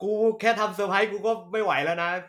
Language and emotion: Thai, frustrated